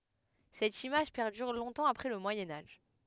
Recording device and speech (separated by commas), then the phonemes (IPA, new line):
headset microphone, read sentence
sɛt imaʒ pɛʁdyʁ lɔ̃tɑ̃ apʁɛ lə mwajɛ̃ aʒ